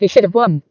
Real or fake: fake